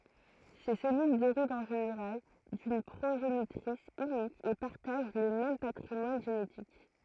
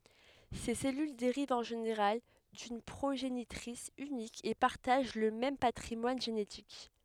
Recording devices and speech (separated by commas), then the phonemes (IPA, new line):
throat microphone, headset microphone, read sentence
se sɛlyl deʁivt ɑ̃ ʒeneʁal dyn pʁoʒenitʁis ynik e paʁtaʒ lə mɛm patʁimwan ʒenetik